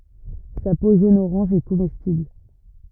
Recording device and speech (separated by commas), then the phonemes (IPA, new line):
rigid in-ear microphone, read sentence
sa po ʒonəoʁɑ̃ʒ ɛ komɛstibl